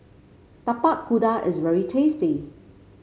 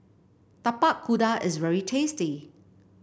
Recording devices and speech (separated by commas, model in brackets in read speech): mobile phone (Samsung C5), boundary microphone (BM630), read sentence